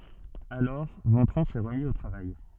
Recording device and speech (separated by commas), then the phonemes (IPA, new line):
soft in-ear microphone, read sentence
alɔʁ vɑ̃tʁɔ̃ sɛ ʁəmi o tʁavaj